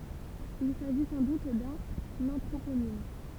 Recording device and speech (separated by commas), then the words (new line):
temple vibration pickup, read sentence
Il s'agit sans doute d'un anthroponyme.